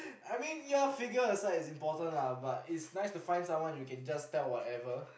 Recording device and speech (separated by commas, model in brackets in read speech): boundary microphone, conversation in the same room